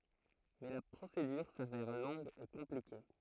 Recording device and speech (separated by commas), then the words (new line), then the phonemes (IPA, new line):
throat microphone, read sentence
Mais la procédure s'avère longue et compliquée.
mɛ la pʁosedyʁ savɛʁ lɔ̃ɡ e kɔ̃plike